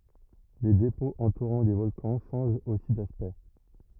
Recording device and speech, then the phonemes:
rigid in-ear microphone, read sentence
le depɔ̃z ɑ̃tuʁɑ̃ le vɔlkɑ̃ ʃɑ̃ʒt osi daspɛkt

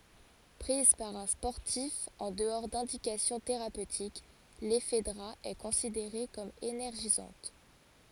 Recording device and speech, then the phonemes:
forehead accelerometer, read sentence
pʁiz paʁ œ̃ spɔʁtif ɑ̃ dəɔʁ dɛ̃dikasjɔ̃ teʁapøtik lɛfdʁa ɛ kɔ̃sideʁe kɔm enɛʁʒizɑ̃t

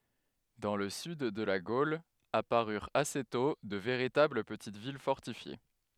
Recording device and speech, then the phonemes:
headset microphone, read sentence
dɑ̃ lə syd də la ɡol apaʁyʁt ase tɔ̃ də veʁitabl pətit vil fɔʁtifje

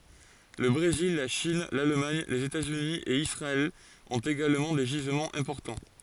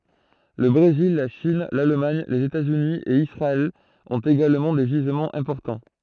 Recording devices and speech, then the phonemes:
forehead accelerometer, throat microphone, read sentence
lə bʁezil la ʃin lalmaɲ lez etaz yni e isʁaɛl ɔ̃t eɡalmɑ̃ de ʒizmɑ̃z ɛ̃pɔʁtɑ̃

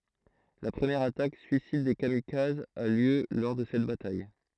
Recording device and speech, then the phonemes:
throat microphone, read sentence
la pʁəmjɛʁ atak syisid de kamikazz a ljø lɔʁ də sɛt bataj

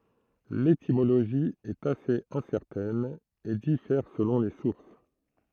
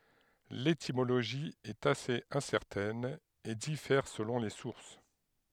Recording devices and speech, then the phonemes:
throat microphone, headset microphone, read sentence
letimoloʒi ɛt asez ɛ̃sɛʁtɛn e difɛʁ səlɔ̃ le suʁs

